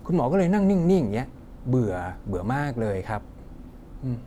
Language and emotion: Thai, frustrated